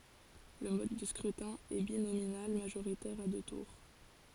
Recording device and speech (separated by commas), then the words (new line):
forehead accelerometer, read sentence
Le mode de scrutin est binominal majoritaire à deux tours.